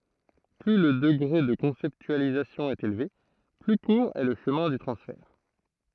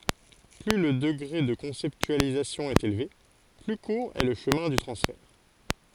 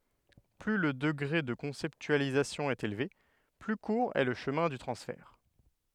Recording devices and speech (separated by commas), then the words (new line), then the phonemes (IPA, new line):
throat microphone, forehead accelerometer, headset microphone, read sentence
Plus le degré de conceptualisation est élevé, plus court est le chemin du transfert.
ply lə dəɡʁe də kɔ̃sɛptyalizasjɔ̃ ɛt elve ply kuʁ ɛ lə ʃəmɛ̃ dy tʁɑ̃sfɛʁ